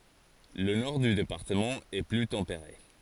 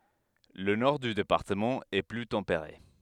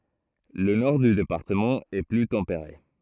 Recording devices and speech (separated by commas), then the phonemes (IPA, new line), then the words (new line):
forehead accelerometer, headset microphone, throat microphone, read sentence
lə nɔʁ dy depaʁtəmɑ̃ ɛ ply tɑ̃peʁe
Le nord du département est plus tempéré.